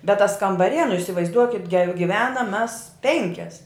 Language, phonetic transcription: Lithuanian, bet tas kambaˈrie nu isivaizˈduokit ge giˈvenam mes ˈpenkias

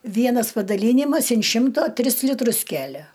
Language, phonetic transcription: Lithuanian, ˈvienas padaˈlynimas in ˈšimto ˈtris liˈtrus ˈkælia

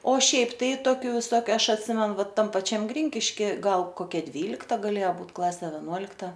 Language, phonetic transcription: Lithuanian, o ˈšiaip tai ˈtokiu viˈsokiu ˈaš atˈsimenu ˈva ˈtam paˈčiam ˈgrinkiški ˈgal ˈkokia ˈdvylikta gaˈlėja ˈbūt ˈklase veˈnuolikta

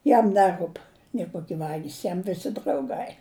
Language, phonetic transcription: Lithuanian, ˈjam ˈneˌrūp nė ˈkoki ˈvagys ˈjam ˈvisi drauˈgai

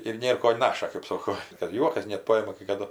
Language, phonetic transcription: Lithuanian, ir ˈnėr ko ˈnaša kɜp ˈsoko kad ˈjuokas net ˈpajima kai kaˈdu

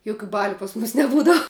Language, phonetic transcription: Lithuanian, ˈjukiu ˈbaliu pas ˈmus neˈbūdav

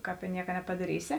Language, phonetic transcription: Lithuanian, ˈkāp i ˈnieka nepadaˈrysi

